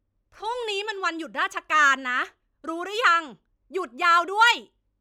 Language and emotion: Thai, angry